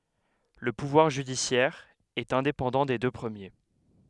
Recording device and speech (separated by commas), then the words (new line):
headset microphone, read sentence
Le pouvoir judiciaire est indépendant des deux premiers.